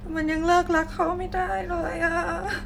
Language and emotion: Thai, sad